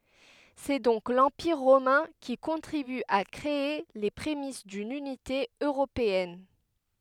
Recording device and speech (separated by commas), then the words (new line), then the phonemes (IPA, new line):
headset microphone, read sentence
C'est donc l'Empire romain qui contribue à créer les prémices d'une unité européenne.
sɛ dɔ̃k lɑ̃piʁ ʁomɛ̃ ki kɔ̃tʁiby a kʁee le pʁemis dyn ynite øʁopeɛn